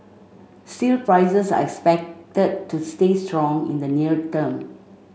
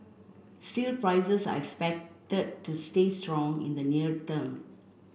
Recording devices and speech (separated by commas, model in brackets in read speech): mobile phone (Samsung C5), boundary microphone (BM630), read sentence